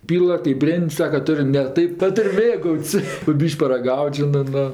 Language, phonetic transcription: Lithuanian, ˈpyla kɜp ˈbrėn'd' ˈsaka ˈtur' ne ˈtaip ˈtu ˈtur' ˈmėgaut's' po ˈbyš'k' paraˈgaut' ˈžinɜ ˈnu

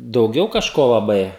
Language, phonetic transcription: Lithuanian, dauˈgiau kažˈko laˈbai

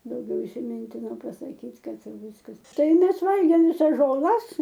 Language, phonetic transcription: Lithuanian, dauˈgiau isiˈmintino pasaˈkyt' ˈkad ˈviskas ˈtai ˈmes ˈvalgėm viˈsas žoˈlas

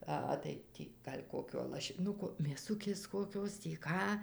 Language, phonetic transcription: Lithuanian, aˈha tai ˈtį ˈgal' ˈkokio lašiˈnuko mėˈsukės koˈkios tį ˈką

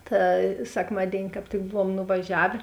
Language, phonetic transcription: Lithuanian, ta sekˈmadėini kāp ˈtik ˈbuvuom nuvaˈžiavė

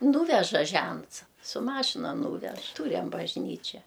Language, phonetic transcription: Lithuanian, ˈnūveža ˈžents su ˈmašina ˈnūvež ˈtūriam bažˈnyčia

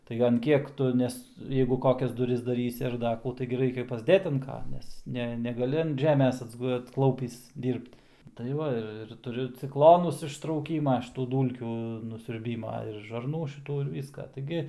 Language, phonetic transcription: Lithuanian, tai an ˈkiek ˈtu ˈnes ˈjeigu ˈkokias duˈris daˈrysi ar ˈda kų ˈtaigi ˈraikia pasˈdėt an ˈka ˈnes ˈne negaˈli an ˈžemės atsˈgu atsˈklaupįs ˈdyrbt tai ˈva ir ir tuˈriu cikˈlonus ištrauˈkyma šiˈtų ˈdūlkių nusiurˈbyma ir žarˈnų šiˈtų ir ˈvyską taiˈgi

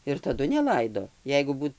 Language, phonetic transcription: Lithuanian, ir taˈdu neˈlaido ˈjeigu ˈbūt

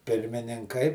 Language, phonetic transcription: Lithuanian, pirmininˈkai

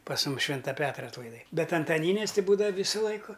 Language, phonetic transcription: Lithuanian, pas ˈmum ˈšvinta ˈpetra atlaiˈdai ˈbet antaˈnynės ti ˈbūdava ˈvysu ˈlaiku

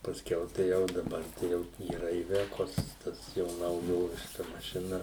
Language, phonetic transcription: Lithuanian, pasˈkiau tai ˈjau daˈbar tai ˈjau yˈra iˈvekos ˈtas jau nauˈjoviška mašiˈna

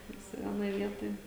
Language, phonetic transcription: Lithuanian, ˈvisi ˈvienoj ˈvietoj

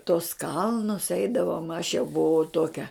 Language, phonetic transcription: Lithuanian, tos ˈkalnus ˈeidavom aš jau buˈvau ˈtokia

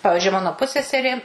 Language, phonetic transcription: Lithuanian, ˈpavižiui ˈmano ˈpusseserė

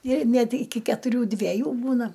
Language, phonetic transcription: Lithuanian, ir ˈnet iˈki ketuˈrių dveˈjų ˈbūna

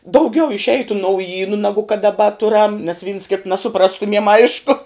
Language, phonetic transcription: Lithuanian, dauˈgiau išˈeitu nauˈjynu ˈnagu kad daˈba ˈturam nes vyns ˈkita nasuˈprastumiem ˈaišku

